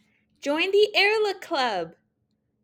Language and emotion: English, happy